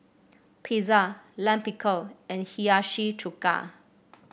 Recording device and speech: boundary microphone (BM630), read sentence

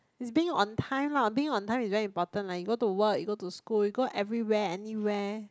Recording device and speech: close-talking microphone, conversation in the same room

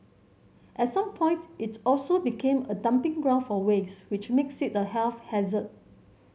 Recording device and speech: mobile phone (Samsung C7100), read sentence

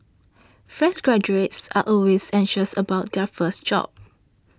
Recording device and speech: standing microphone (AKG C214), read sentence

